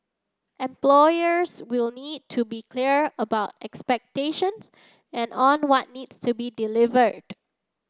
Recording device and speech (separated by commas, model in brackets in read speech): standing microphone (AKG C214), read sentence